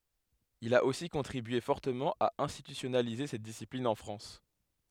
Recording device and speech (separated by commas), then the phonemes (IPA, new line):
headset microphone, read sentence
il a osi kɔ̃tʁibye fɔʁtəmɑ̃ a ɛ̃stitysjɔnalize sɛt disiplin ɑ̃ fʁɑ̃s